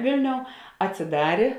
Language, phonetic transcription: Lithuanian, ˈvėlˌniou atsiˈdarė

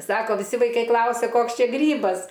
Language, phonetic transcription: Lithuanian, ˈsako viˈsi vaiˈkai ˈklausia ˈkoks ˈčia ˈgrybas

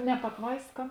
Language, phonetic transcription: Lithuanian, ne patˈvaiska

